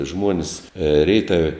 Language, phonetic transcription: Lithuanian, ˈžmuonis ˈreitave

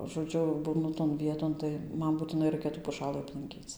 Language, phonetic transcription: Lithuanian, žoˈdžiu ˈbūnu ton ˈvieton tai ˈman būtiˈnai ˈraikia tų puˈšalɨ aplanˈkyc

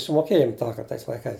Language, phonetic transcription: Lithuanian, sumoˈkėjom ˈtąkart tais laiˈkais

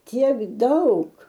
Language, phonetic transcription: Lithuanian, ˈtiek ˈdaug

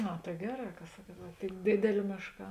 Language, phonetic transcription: Lithuanian, ˈa tai ˈgeˌrā ka ˈsakuot va tėn ˈdėdėlė ˈmėšˌkā

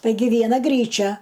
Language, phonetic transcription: Lithuanian, ˈtaigi vieˈna ˈgryčia

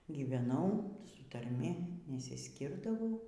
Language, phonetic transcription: Lithuanian, gyveˈnau su tarˈmi nesisˈkirdavau

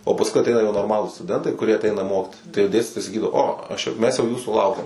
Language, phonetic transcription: Lithuanian, o pasˈkui aˈteina jau norˈmalūs stuˈdentai kuˈrie aˈteina ˈmokitis tai jau ˈdėstitojai saˈkydavo ˈo ˈaš ja ˈmes jau ˈjūsų ˈlaukiam

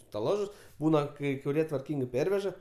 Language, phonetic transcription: Lithuanian, staˈlažus ˈbūna kai kuˈrie tvarˈkyngai ˈperveža

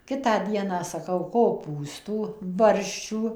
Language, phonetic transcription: Lithuanian, ˈkitą ˈdieną saˈkau koˈpūstų ˈbarščių

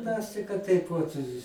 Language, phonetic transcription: Lithuanian, ˈmes tai kad ˈtaip vat

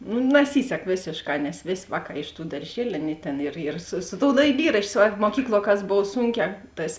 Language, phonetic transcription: Lithuanian, nu naˈsysek ˈvėsėšˌkā nes ˈvės' ˈvāˌkā iš tų darˈžieliu ˈaˌnėi ˈtėn ir ir su su tou daiˈlyraščio ˈsvarbo muoˈkykluo kas ˈbov ˈsūnˌkē ˈtas

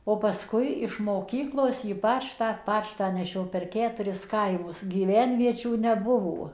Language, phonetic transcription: Lithuanian, o paˈskui iš moˈkyklos į ˈpačtą ˈpačtą neˈšio per ˈketuris ˈkaimus gyˈvenviečių neˈbuvo

